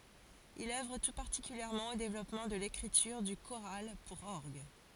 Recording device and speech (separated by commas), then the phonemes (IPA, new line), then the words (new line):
forehead accelerometer, read sentence
il œvʁ tu paʁtikyljɛʁmɑ̃ o devlɔpmɑ̃ də lekʁityʁ dy koʁal puʁ ɔʁɡ
Il œuvre tout particulièrement au développement de l'écriture du choral pour orgue.